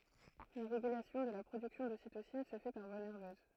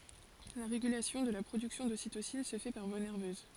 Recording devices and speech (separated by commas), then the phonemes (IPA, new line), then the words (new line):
throat microphone, forehead accelerometer, read sentence
la ʁeɡylasjɔ̃ də la pʁodyksjɔ̃ dositosin sə fɛ paʁ vwa nɛʁvøz
La régulation de la production d'ocytocine se fait par voie nerveuse.